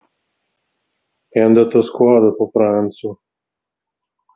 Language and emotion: Italian, sad